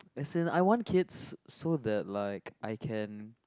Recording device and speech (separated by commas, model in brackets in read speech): close-talking microphone, conversation in the same room